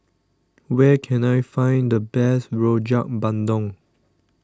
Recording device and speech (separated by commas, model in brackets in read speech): standing microphone (AKG C214), read sentence